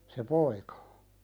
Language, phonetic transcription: Finnish, se "poika .
- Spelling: se poika

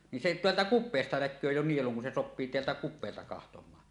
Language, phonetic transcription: Finnish, nin se "teältä kup̆peesta 'näk̆köö 'jo 'nieluŋ kun se "soppii 'teältä 'kup̆peelta 'kahtom̀aa .
- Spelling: niin se täältä kupeesta näkee jo nielun kun se sopii täältä kupeelta katsomaan

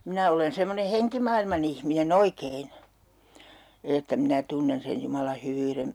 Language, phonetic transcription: Finnish, 'minä olen semmone'heŋkimailman ‿ihmine"n ‿oikein , 'että minä 'tunnen sen 'Jumala 'hyvyyren ,.
- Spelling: minä olen semmoinen henkimaailman ihminen oikein että minä tunnen sen Jumalan hyvyyden

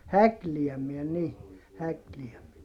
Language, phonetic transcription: Finnish, häkliämiɛ ni , häkliäm(iä) .
- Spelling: häklääminen niin häklääminen

